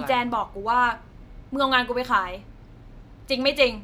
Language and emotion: Thai, angry